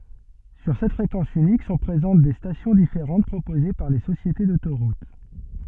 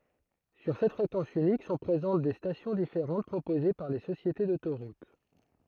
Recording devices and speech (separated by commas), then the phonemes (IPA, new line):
soft in-ear microphone, throat microphone, read sentence
syʁ sɛt fʁekɑ̃s ynik sɔ̃ pʁezɑ̃t de stasjɔ̃ difeʁɑ̃t pʁopoze paʁ le sosjete dotoʁut